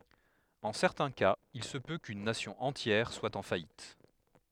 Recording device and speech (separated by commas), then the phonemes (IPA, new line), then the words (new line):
headset microphone, read sentence
ɑ̃ sɛʁtɛ̃ kaz il sə pø kyn nasjɔ̃ ɑ̃tjɛʁ swa ɑ̃ fajit
En certains cas, il se peut qu'une Nation entière soit en faillite.